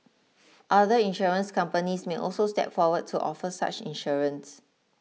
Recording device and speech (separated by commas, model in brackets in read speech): mobile phone (iPhone 6), read sentence